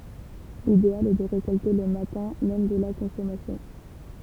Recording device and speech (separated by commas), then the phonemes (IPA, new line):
temple vibration pickup, read sentence
lideal ɛ də ʁekɔlte lə matɛ̃ mɛm də la kɔ̃sɔmasjɔ̃